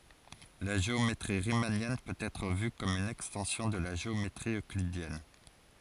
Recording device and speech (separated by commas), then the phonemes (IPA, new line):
forehead accelerometer, read sentence
la ʒeometʁi ʁimanjɛn pøt ɛtʁ vy kɔm yn ɛkstɑ̃sjɔ̃ də la ʒeometʁi øklidjɛn